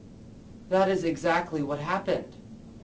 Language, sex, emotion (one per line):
English
male
neutral